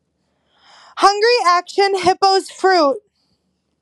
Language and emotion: English, sad